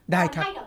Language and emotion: Thai, neutral